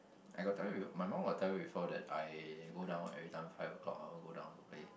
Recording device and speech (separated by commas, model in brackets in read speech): boundary microphone, conversation in the same room